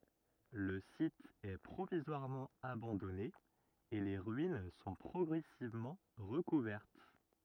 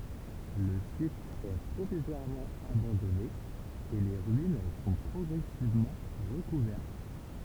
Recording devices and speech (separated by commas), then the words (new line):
rigid in-ear microphone, temple vibration pickup, read sentence
Le site est provisoirement abandonné et les ruines sont progressivement recouvertes.